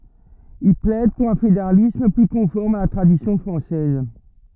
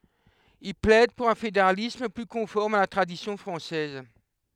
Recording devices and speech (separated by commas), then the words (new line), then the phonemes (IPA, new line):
rigid in-ear microphone, headset microphone, read sentence
Il plaide pour un fédéralisme, plus conforme à la tradition française.
il plɛd puʁ œ̃ fedeʁalism ply kɔ̃fɔʁm a la tʁadisjɔ̃ fʁɑ̃sɛz